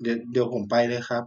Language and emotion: Thai, sad